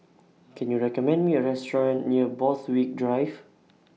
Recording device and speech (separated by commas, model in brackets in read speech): mobile phone (iPhone 6), read sentence